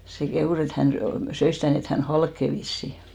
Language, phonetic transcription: Finnish, se 'kehùs et 'hän sy- , 'söis sitä̀ 'nii et hän "halkke 'vissi .
- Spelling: se kehui että hän - söi sitä niin että hän halkeaa vissiin

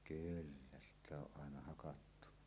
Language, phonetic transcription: Finnish, 'kyllä sitᵗ ‿o ˀ ˀàena hakattu .
- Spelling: kyllä sitä on - aina hakattu

